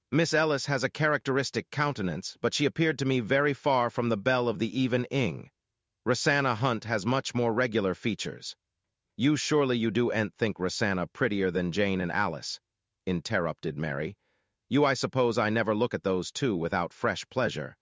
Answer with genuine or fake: fake